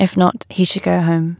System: none